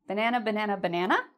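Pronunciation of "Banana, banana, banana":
The voice goes up at the end of 'banana', so it sounds like a yes-no question.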